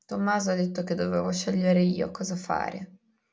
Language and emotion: Italian, sad